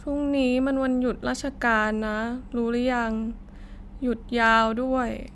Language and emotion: Thai, frustrated